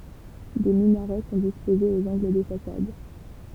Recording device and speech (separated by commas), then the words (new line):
temple vibration pickup, read sentence
Des minarets sont disposés aux angles des façades.